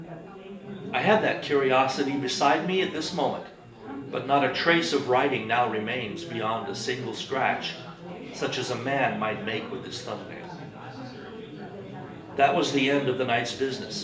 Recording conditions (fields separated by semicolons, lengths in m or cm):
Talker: one person; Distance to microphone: 1.8 m; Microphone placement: close; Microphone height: 1.0 m; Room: large; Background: babble